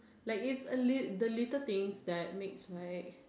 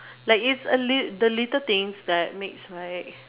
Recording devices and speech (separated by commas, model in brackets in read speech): standing microphone, telephone, conversation in separate rooms